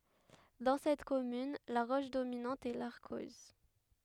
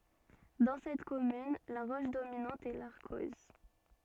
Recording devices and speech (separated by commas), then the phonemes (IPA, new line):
headset microphone, soft in-ear microphone, read sentence
dɑ̃ sɛt kɔmyn la ʁɔʃ dominɑ̃t ɛ laʁkɔz